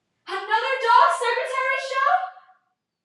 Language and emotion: English, fearful